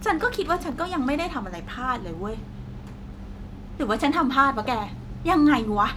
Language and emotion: Thai, frustrated